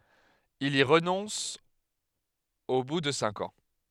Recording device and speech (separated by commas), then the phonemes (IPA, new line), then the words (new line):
headset microphone, read sentence
il i ʁənɔ̃s o bu də sɛ̃k ɑ̃
Il y renonce au bout de cinq ans.